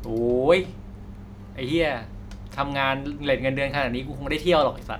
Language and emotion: Thai, frustrated